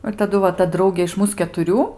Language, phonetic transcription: Lithuanian, ir taˈdu va ˈta ˈdraugė iš ˈmūs ketuˈrių

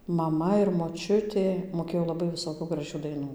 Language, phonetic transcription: Lithuanian, maˈma ir moˈčiutė moˈkėjo laˈbai viˈsokių graˈžių daiˈnų

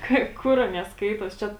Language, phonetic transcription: Lithuanian, ˈkai ˈkur ˈanie ˈskaitos ˈčia

